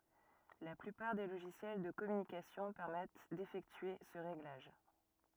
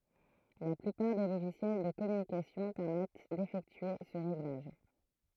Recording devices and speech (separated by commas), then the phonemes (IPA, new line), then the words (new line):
rigid in-ear microphone, throat microphone, read sentence
la plypaʁ de loʒisjɛl də kɔmynikasjɔ̃ pɛʁmɛt defɛktye sə ʁeɡlaʒ
La plupart des logiciels de communication permettent d'effectuer ce réglage.